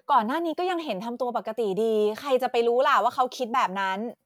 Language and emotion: Thai, neutral